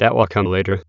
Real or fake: fake